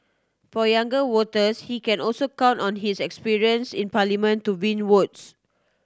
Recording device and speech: standing microphone (AKG C214), read sentence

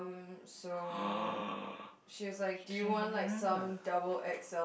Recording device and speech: boundary microphone, conversation in the same room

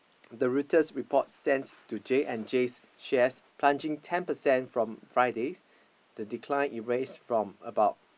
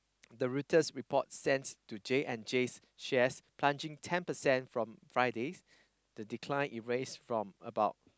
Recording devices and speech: boundary microphone, close-talking microphone, conversation in the same room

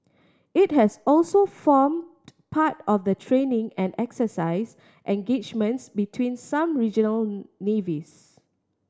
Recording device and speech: standing microphone (AKG C214), read sentence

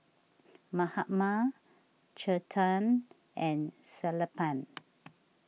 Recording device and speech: mobile phone (iPhone 6), read sentence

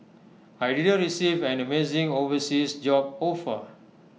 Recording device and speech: mobile phone (iPhone 6), read sentence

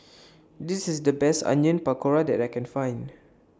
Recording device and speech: standing microphone (AKG C214), read sentence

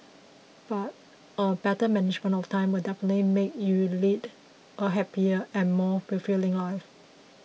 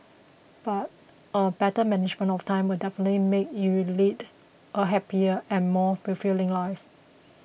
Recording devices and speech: mobile phone (iPhone 6), boundary microphone (BM630), read sentence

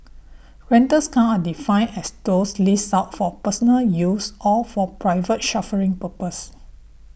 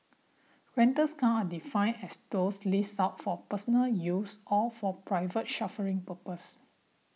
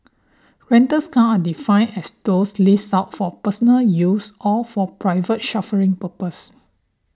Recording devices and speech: boundary microphone (BM630), mobile phone (iPhone 6), standing microphone (AKG C214), read sentence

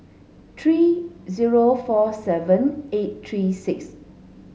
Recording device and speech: mobile phone (Samsung S8), read sentence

